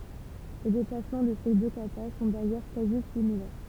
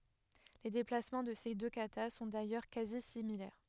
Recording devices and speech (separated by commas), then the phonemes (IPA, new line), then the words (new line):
temple vibration pickup, headset microphone, read sentence
le deplasmɑ̃ də se dø kata sɔ̃ dajœʁ kazi similɛʁ
Les déplacements de ces deux katas sont d'ailleurs quasi similaires.